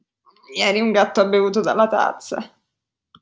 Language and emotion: Italian, disgusted